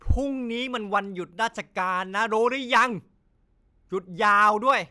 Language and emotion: Thai, angry